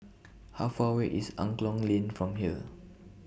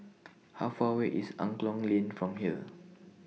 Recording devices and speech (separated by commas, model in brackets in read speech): boundary microphone (BM630), mobile phone (iPhone 6), read sentence